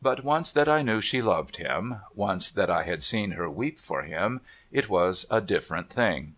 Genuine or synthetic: genuine